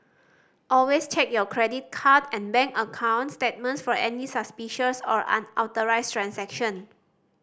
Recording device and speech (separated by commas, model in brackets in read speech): standing microphone (AKG C214), read sentence